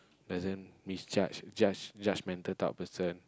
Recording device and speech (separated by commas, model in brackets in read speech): close-talking microphone, conversation in the same room